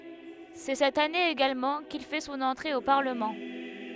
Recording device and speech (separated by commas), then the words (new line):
headset microphone, read sentence
C'est cette année également qu'il fait son entrée au Parlement.